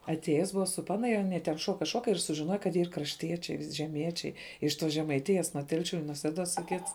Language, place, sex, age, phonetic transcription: Lithuanian, Žemaitija, female, 18-60, atˈėjes ˈbuva su ˈpana ir aˈnie ten ˈšuoka ˈšuoka ir sužiˈnoja kad ˈyr krašˈtiečiai žeˈmiečiai iš ˈtos žemaiˈtijas nuo ˈtelšiu i nuo ˈseduos y ˈkits

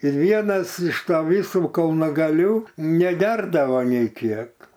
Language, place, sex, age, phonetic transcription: Lithuanian, Aukštaitija, male, 60+, ir ˈvienas iš ta ˈvisų kalnagaˈlių neˈgerdavo nei ˈkiek

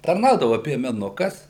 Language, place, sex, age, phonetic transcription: Lithuanian, Suvalkija, male, 60+, tarˈnaudava piemeˈnukas

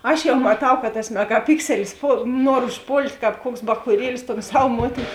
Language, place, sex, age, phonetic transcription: Lithuanian, Žemaitija, female, 18-60, ˈaš jau maˈtau ka tas megaˈpikselis ˈpol ˈnuor užˈpolt' ˈkāp ˈkuoks bachūˈrielis ton ˈsav ˈmuotin

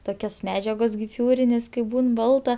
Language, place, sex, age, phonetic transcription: Lithuanian, Aukštaitija, female, 18-60, ˈtokios ˈmedžiagos giˈfiūrinės kaip ˈbūn ˈbalta

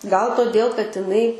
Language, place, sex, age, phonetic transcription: Lithuanian, Aukštaitija, female, 18-60, gal toˈdėl kad iˈnai

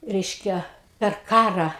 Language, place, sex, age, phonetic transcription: Lithuanian, Aukštaitija, female, 60+, ˈreiškia per ˈkarą

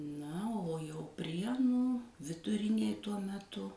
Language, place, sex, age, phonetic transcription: Lithuanian, Suvalkija, female, 60+, ˈna o jau ˈprienų viduˈrinėj ˈtuo meˈtu

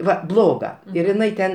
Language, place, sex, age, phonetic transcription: Lithuanian, Aukštaitija, male, 60+, ˈva ˈbloga ir iˈnai ten

